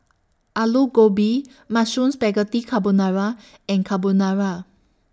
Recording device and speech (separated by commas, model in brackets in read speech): standing microphone (AKG C214), read sentence